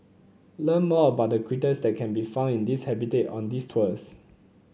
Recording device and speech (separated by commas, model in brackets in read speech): mobile phone (Samsung C9), read sentence